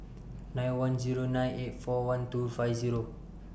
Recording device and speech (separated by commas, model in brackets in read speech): boundary microphone (BM630), read sentence